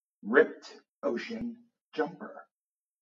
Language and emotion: English, angry